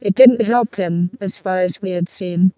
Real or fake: fake